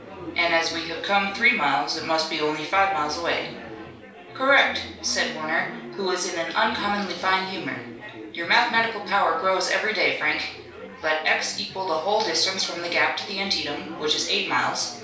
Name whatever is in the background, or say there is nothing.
Crowd babble.